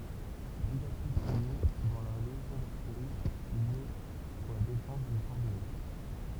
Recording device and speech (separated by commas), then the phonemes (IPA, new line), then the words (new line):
temple vibration pickup, read sentence
bʁiɡadjɛʁfuʁje dɑ̃ la leʒjɔ̃ daʁtijʁi il ɛ puʁ la defɑ̃s dy fɔʁ də lɛ
Brigadier-fourrier dans la légion d’artillerie, il est pour la défense du fort de l'Est.